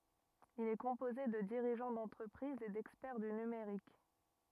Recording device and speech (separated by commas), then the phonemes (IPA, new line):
rigid in-ear microphone, read sentence
il ɛ kɔ̃poze də diʁiʒɑ̃ dɑ̃tʁəpʁizz e dɛkspɛʁ dy nymeʁik